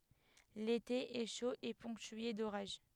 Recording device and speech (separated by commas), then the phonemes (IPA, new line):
headset microphone, read sentence
lete ɛ ʃo e pɔ̃ktye doʁaʒ